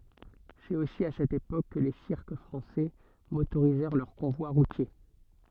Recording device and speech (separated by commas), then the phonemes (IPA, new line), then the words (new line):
soft in-ear microphone, read sentence
sɛt osi a sɛt epok kə le siʁk fʁɑ̃sɛ motoʁizɛʁ lœʁ kɔ̃vwa ʁutje
C'est aussi à cette époque que les cirques français motorisèrent leurs convois routiers.